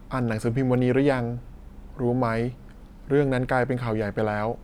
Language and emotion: Thai, neutral